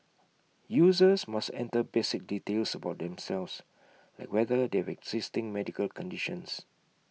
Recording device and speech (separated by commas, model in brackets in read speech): mobile phone (iPhone 6), read sentence